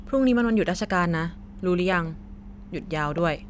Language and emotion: Thai, neutral